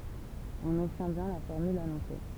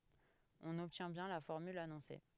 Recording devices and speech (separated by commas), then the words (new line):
temple vibration pickup, headset microphone, read sentence
On obtient bien la formule annoncée.